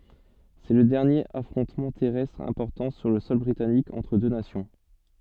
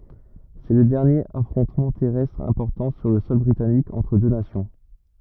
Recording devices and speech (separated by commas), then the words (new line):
soft in-ear microphone, rigid in-ear microphone, read sentence
C’est le dernier affrontement terrestre important sur le sol britannique entre deux nations.